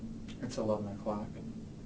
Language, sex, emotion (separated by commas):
English, male, neutral